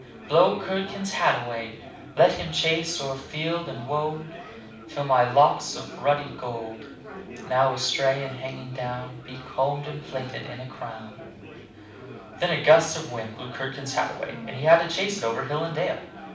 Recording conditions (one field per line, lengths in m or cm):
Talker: one person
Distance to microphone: 5.8 m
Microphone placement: far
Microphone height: 1.8 m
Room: medium-sized (5.7 m by 4.0 m)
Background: babble